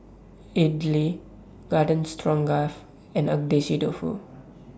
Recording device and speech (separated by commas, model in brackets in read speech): standing microphone (AKG C214), read sentence